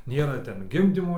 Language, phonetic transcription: Lithuanian, ˈnėra ˈten ˈgimdymo

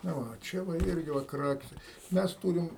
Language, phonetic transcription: Lithuanian, na ˈva o ˈčia va ˈirgi va ˈkrakise ˈmes ˈtūrim

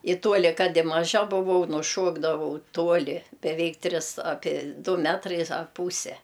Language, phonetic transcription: Lithuanian, i ˈtuoli ˈkad i maˈža buˈvau nuˈšuokdavau ˈtuoli beˈveik ˈtris ˈapie ˈdu ˈmetrais ar ˈpūse

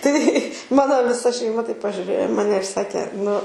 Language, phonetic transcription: Lithuanian, tai ˈmano viˈsa šeiˈma taip pažiuˈrėjo i ˈmane ir ˈsakė nu

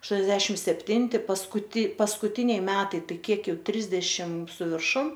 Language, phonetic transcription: Lithuanian, ašˈtuoniasdešimt sepˈtinti paskuˈti paskuˈtiniai ˈmetai ˈtai ˈkiek ˈjau ˈtrisdešim su virˈšum

